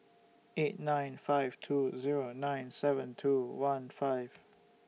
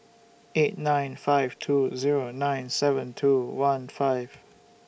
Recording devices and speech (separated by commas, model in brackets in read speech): mobile phone (iPhone 6), boundary microphone (BM630), read sentence